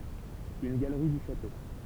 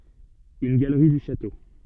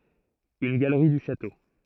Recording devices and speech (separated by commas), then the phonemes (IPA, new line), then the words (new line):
temple vibration pickup, soft in-ear microphone, throat microphone, read sentence
yn ɡalʁi dy ʃato
Une galerie du château.